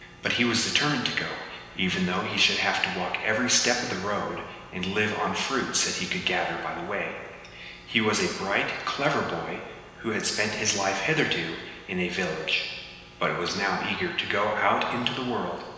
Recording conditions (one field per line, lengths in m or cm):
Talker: one person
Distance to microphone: 1.7 m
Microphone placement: close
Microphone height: 1.0 m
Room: very reverberant, large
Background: none